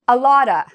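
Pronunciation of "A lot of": In 'a lot of', the word 'of' is not said as a full 'of'; it sounds more like 'ah' or 'uh'.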